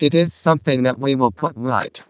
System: VC, vocoder